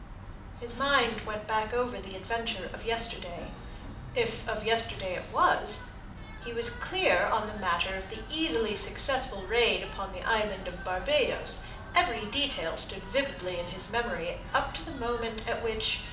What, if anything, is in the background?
A television.